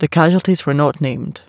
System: none